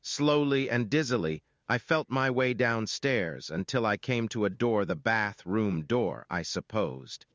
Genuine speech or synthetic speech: synthetic